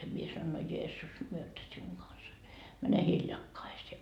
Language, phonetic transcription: Finnish, mie sanoin » no 'Jeessus myötä siuŋ 'Gansa , mäne 'hiljakkaisee .
- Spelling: minä sanoin no Jeesus myötä sinun kanssa mene hiljakaiseen

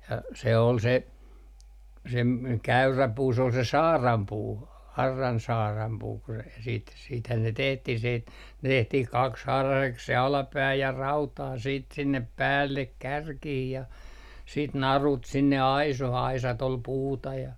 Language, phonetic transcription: Finnish, ja se ol se , se ‿m- , "käyrä 'puu s ‿ol se "saarampuu , 'arran 'saarampuu ku se siit siithän ne 'tehtih siit , 'tehtih "kakshaaraseks se 'alapää ja "rautaa siit 'sinnep "päällek 'kärkih ja , siit "narut 'sinne 'aiso'h ‿aisat ol "puuta ja .
- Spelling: ja se oli se se - käyrä puu se oli se saarainpuu auran saarainpuu kun se sitten siitähän ne tehtiin sitten tehtiin kaksihaaraiseksi se alapää ja rautaa sitten sinne päälle kärkiin ja sitten narut sinne aisoihin aisat oli puuta ja

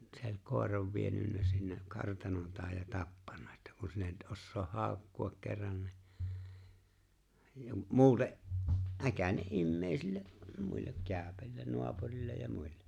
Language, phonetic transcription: Finnish, se ‿ŏ͕ĺ 'kòer̀av 'vienynnä sinne , 'kartanon taaj ja 'tappanna ᵉttä » ku 'sin ‿et '’ossooh "haaᵒkku₍ak kerran ni « , ja 'muute’ , '’äkäne’ '’immeeisille’ , (ja) 'muillek 'kääᵒ̈pä(si-) 'nu̬apurillej ja muille .
- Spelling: se oli koiran vienyt sinne kartanon taakse ja tappanut että kun sinä et osaa haukkua kerran niin ja muuten äkäinen ihmisille ja muille - naapureille ja muille

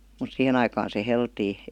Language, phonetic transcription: Finnish, mut 'sihen ‿aikaan se 'heltii .
- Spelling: mutta siihen aikaan se heltiää

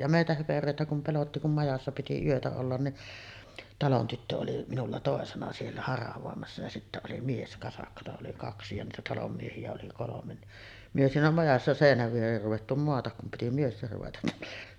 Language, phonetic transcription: Finnish, ja 'mèitä 'höperö̀etä kum pelotti kum 'majassa piti 'yötä ollan ni’ , 'talon 'tyttö oli minulla 'tòesena siellä 'haravòemassa ja sittä oli 'mieskasakkata oli "kaksi ja niitä 'talom miehi₍ä oli 'kolomen ni’ , myö siinä 'majassa "sèinäv 'viereer ruvettu moatak kum piti 'miester ruveta .
- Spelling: ja meitä höperöitä kun pelotti kun majassa piti yötä olla niin talon tyttö oli minulla toisena siellä haravoimassa ja sitten oli mieskasakkaa oli kaksi ja niitä talon miehiä oli kolme niin me siinä majassa seinän viereen ruvettu maata kun piti miesten ruveta

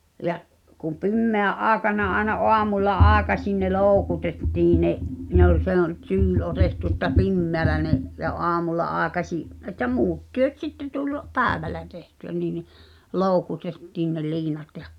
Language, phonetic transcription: Finnish, ja’ , kum̆ "pimmeä’ '’aaᵉkana aena "’oamulla "’aaᵉkaśin ne "looᵘkutettii 'ne’ , ne ‿ol se ‿ol , 'tyyl otettu ᵉttä "pimmeälä ne’ , ja '’oamulla '’aaᵉkaśi’ , ’et̆tä "muut 'työt sitte 'tuĺ , "päävällä tehty₍ä nii ni , 'lòu̬kutettiin ne "liinat jᴀ ,.
- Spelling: ja kun pimeänä aikana aina aamulla aikaisin ne loukutettiin ne ne oli se oli tyyli otettu että pimeällä ne ja aamulla aikaisin että muut työt sitten tuli päivällä tehtyä niin niin loukutettiin ne liinat ja

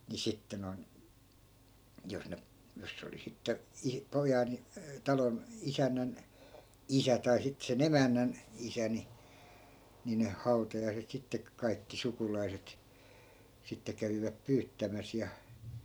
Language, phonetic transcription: Finnish, ni 'sitte non , jos 'ne , jos 'se oli 'sitte , 'i- , 'pojan , 'talon , 'isännän , "isä tai sit se"n ‿emännän , 'isä ni , nin 'hau̬tajaiset sittek- , 'kaikki 'sukulaiset , sitte 'käviväp "pyyttämäs ja .
- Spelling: niin sitten noin jos ne jos se oli sitten - pojan talon isännän isä tai sitten sen emännän isä niin niin hautajaiset - kaikki sukulaiset sitten kävivät pyyttämässä ja

